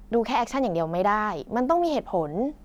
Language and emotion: Thai, frustrated